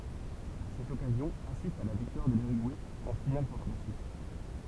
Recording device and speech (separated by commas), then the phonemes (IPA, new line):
temple vibration pickup, read sentence
a sɛt ɔkazjɔ̃ asistt a la viktwaʁ də lyʁyɡuɛ ɑ̃ final kɔ̃tʁ la syis